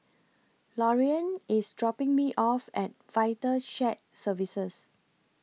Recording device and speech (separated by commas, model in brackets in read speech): mobile phone (iPhone 6), read sentence